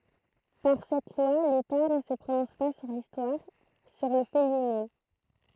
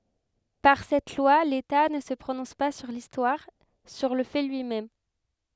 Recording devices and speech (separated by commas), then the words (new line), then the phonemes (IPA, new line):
throat microphone, headset microphone, read sentence
Par cette loi, l’État ne se prononce pas sur l’histoire, sur le fait lui-même.
paʁ sɛt lwa leta nə sə pʁonɔ̃s pa syʁ listwaʁ syʁ lə fɛ lyi mɛm